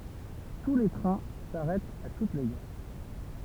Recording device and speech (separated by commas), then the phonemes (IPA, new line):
temple vibration pickup, read sentence
tu le tʁɛ̃ saʁɛtt a tut le ɡaʁ